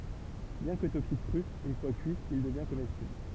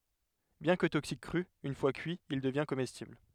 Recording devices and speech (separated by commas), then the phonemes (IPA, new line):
temple vibration pickup, headset microphone, read sentence
bjɛ̃ kə toksik kʁy yn fwa kyi il dəvjɛ̃ komɛstibl